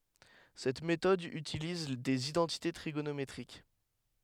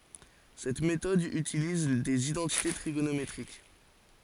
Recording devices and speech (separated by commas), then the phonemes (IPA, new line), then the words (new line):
headset microphone, forehead accelerometer, read sentence
sɛt metɔd ytiliz dez idɑ̃tite tʁiɡonometʁik
Cette méthode utilise des identités trigonométriques.